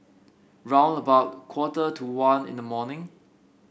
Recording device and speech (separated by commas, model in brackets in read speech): boundary microphone (BM630), read sentence